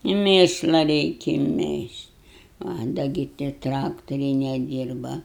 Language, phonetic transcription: Lithuanian, i ˈmėšla ˈreiki ˈmėžt' a ˈda gi tie ˈtraktoriai neˈdyrba

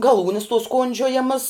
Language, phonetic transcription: Lithuanian, gaˈlūnis tuos ˈkondžiojamas

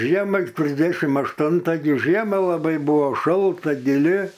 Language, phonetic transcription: Lithuanian, ˈžiema trisˈdešim ašˈtunta gi ˈžiema laˈbai ˈbuvo ˈšalta giˈli

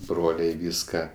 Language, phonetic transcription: Lithuanian, ˈbroliai ˈvyska

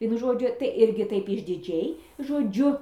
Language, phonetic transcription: Lithuanian, ˈvienu ˈžodžiu tai ˈirgi ˈtaip išdiˈdžiai žoˈdžiu

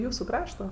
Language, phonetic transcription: Lithuanian, ˈjūsu ˈkrašto

